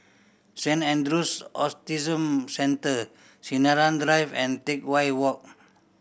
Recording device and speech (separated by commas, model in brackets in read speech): boundary microphone (BM630), read sentence